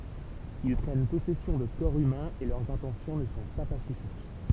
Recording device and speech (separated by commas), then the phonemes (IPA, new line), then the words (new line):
temple vibration pickup, read sentence
il pʁɛn pɔsɛsjɔ̃ də kɔʁ ymɛ̃z e lœʁz ɛ̃tɑ̃sjɔ̃ nə sɔ̃ pa pasifik
Ils prennent possession de corps humains et leurs intentions ne sont pas pacifiques.